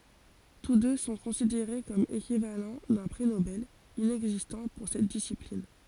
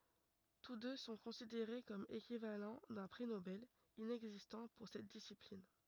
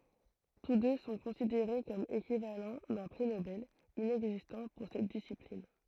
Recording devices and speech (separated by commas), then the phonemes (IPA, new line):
forehead accelerometer, rigid in-ear microphone, throat microphone, read sentence
tus dø sɔ̃ kɔ̃sideʁe kɔm ekivalɑ̃ dœ̃ pʁi nobɛl inɛɡzistɑ̃ puʁ sɛt disiplin